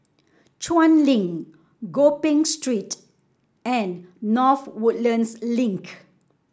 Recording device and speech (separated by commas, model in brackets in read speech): standing microphone (AKG C214), read sentence